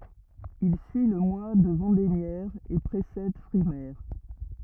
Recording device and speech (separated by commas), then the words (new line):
rigid in-ear microphone, read sentence
Il suit le mois de vendémiaire et précède frimaire.